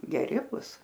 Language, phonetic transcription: Lithuanian, geˈri ˈbus

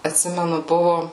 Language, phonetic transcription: Lithuanian, atˈsimenu ˈbuvu

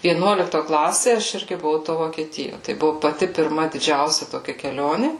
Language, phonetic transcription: Lithuanian, vieˈnuolikto ˈklasė aš ˈirgi buˈvau to vokieˈtijo tai ˈbuvu paˈti pirˈma diˈdžiausia toˈkia keˈlioni

